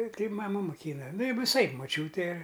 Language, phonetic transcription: Lithuanian, ˈtai maˈmu moˈkyna nu viˈsaip moˈčiūte

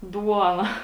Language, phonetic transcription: Lithuanian, ˈduona

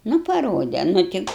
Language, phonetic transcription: Lithuanian, nu paˈrode nu ˈti

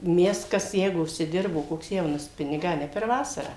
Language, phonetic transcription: Lithuanian, ˈmes ˈkas ˈjeigu užsiˈdirbo koks ˈjaunas ˈpinigą a ˈne per ˈvasarą

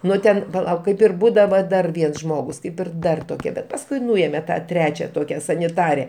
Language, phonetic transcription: Lithuanian, ˈnu ten paˈlauk ˈkaip ir ˈbūdava ˈdar ˈviens ˈžmogus ˈkaip ir ˈdar toˈkie ˈbet pasˈkui ˈnuėme ˈtą ˈtrečia ˈtokia saniˈtare

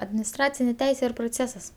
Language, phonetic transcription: Lithuanian, adminisˈtracinė ˈteisė ir proˈcėsas

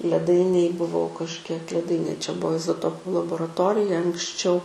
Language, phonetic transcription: Lithuanian, leˈdainėj buˈvau kažˈkiek leˈdainė čia ˈbuo izoˈtopu laboraˈtorija anksˈčiau

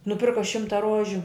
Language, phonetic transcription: Lithuanian, nuˈpirka ˈšimta ˈrožiu

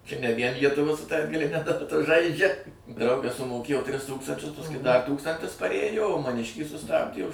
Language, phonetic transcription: Lithuanian, čia ne vien lietuˈvuo su ta atgaliˈne daˈta ˈžaidžia ˈdraugas sumoˈkėjo tris ˈtūkstančius pasˈkui da ˈtūkstantis paˈrėjo o maˈniškį suˈstabdė už

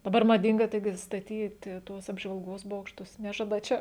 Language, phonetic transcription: Lithuanian, daˈbar maˈdinga ˈtaigi staˈtyti ˈtuos apžvalˈgos ˈbokštus ˈnežada ˈčia

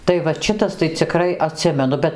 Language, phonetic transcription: Lithuanian, tai vat ˈšitas tai ciˈkrai aˈtsimenu ˈbet

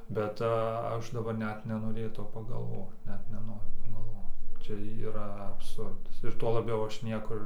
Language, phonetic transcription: Lithuanian, bet ˈaš daˈbar ˈnet nenoˈrėtau pagalˈvot ˈnet neˈnoriu pagalˈvot ˈčia yˈra abˈsurdas ir tuo laˈbiau ˈaš ˈniekur

